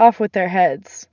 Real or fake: real